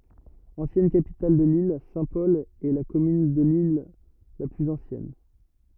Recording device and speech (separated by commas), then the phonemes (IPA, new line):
rigid in-ear microphone, read sentence
ɑ̃sjɛn kapital də lil sɛ̃tpɔl ɛ la kɔmyn də lil la plyz ɑ̃sjɛn